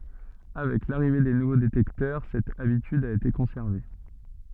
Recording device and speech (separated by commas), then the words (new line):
soft in-ear microphone, read sentence
Avec l'arrivée des nouveaux détecteurs, cette habitude a été conservée.